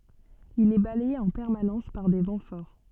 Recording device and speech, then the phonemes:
soft in-ear microphone, read sentence
il ɛ balɛje ɑ̃ pɛʁmanɑ̃s paʁ de vɑ̃ fɔʁ

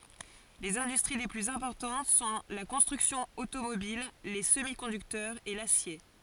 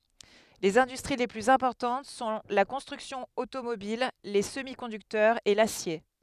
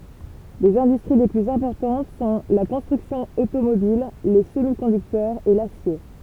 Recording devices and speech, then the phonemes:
forehead accelerometer, headset microphone, temple vibration pickup, read sentence
lez ɛ̃dystʁi le plyz ɛ̃pɔʁtɑ̃t sɔ̃ la kɔ̃stʁyksjɔ̃ otomobil le səmi kɔ̃dyktœʁz e lasje

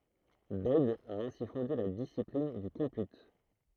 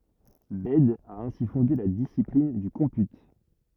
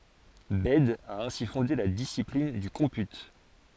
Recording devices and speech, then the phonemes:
throat microphone, rigid in-ear microphone, forehead accelerometer, read sentence
bɛd a ɛ̃si fɔ̃de la disiplin dy kɔ̃py

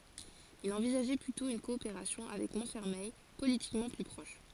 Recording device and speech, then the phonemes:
forehead accelerometer, read sentence
il ɑ̃vizaʒɛ plytɔ̃ yn kɔopeʁasjɔ̃ avɛk mɔ̃tfɛʁmɛj politikmɑ̃ ply pʁɔʃ

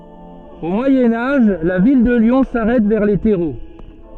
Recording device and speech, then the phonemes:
soft in-ear microphone, read sentence
o mwajɛ̃ aʒ la vil də ljɔ̃ saʁɛt vɛʁ le tɛʁo

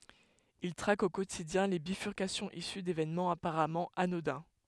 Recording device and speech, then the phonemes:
headset microphone, read sentence
il tʁak o kotidjɛ̃ le bifyʁkasjɔ̃z isy devenmɑ̃z apaʁamɑ̃ anodɛ̃

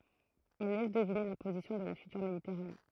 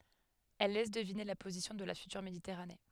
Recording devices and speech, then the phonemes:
throat microphone, headset microphone, read sentence
ɛl lɛs dəvine la pozisjɔ̃ də la fytyʁ meditɛʁane

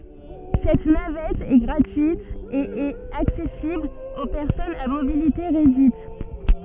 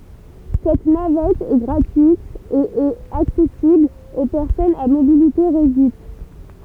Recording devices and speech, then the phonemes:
soft in-ear microphone, temple vibration pickup, read sentence
sɛt navɛt ɛ ɡʁatyit e ɛt aksɛsibl o pɛʁsɔnz a mobilite ʁedyit

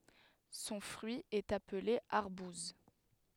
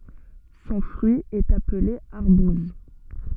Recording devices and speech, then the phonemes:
headset microphone, soft in-ear microphone, read sentence
sɔ̃ fʁyi ɛt aple aʁbuz

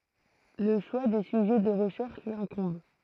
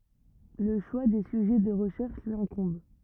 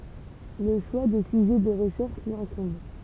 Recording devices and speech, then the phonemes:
throat microphone, rigid in-ear microphone, temple vibration pickup, read sentence
lə ʃwa de syʒɛ də ʁəʃɛʁʃ lyi ɛ̃kɔ̃b

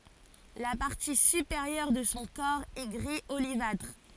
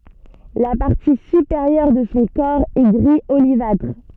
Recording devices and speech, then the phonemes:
forehead accelerometer, soft in-ear microphone, read sentence
la paʁti sypeʁjœʁ də sɔ̃ kɔʁ ɛ ɡʁi olivatʁ

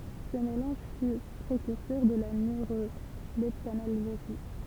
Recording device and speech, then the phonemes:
temple vibration pickup, read sentence
sə melɑ̃ʒ fy pʁekyʁsœʁ də la nøʁolɛptanalʒezi

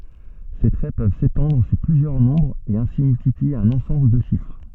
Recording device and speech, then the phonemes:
soft in-ear microphone, read sentence
se tʁɛ pøv setɑ̃dʁ syʁ plyzjœʁ nɔ̃bʁz e ɛ̃si myltiplie œ̃n ɑ̃sɑ̃bl də ʃifʁ

